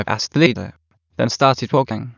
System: TTS, waveform concatenation